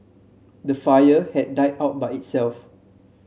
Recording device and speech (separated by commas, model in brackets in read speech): mobile phone (Samsung C7), read sentence